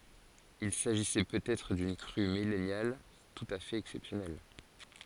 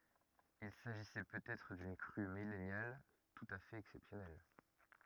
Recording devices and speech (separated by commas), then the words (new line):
forehead accelerometer, rigid in-ear microphone, read sentence
Il s'agissait peut-être d'une crue millennale tout à fait exceptionnelle.